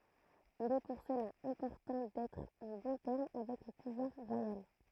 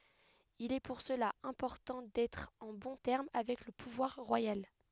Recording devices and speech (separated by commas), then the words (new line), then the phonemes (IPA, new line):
throat microphone, headset microphone, read sentence
Il est pour cela important d'être en bons termes avec le pouvoir royal.
il ɛ puʁ səla ɛ̃pɔʁtɑ̃ dɛtʁ ɑ̃ bɔ̃ tɛʁm avɛk lə puvwaʁ ʁwajal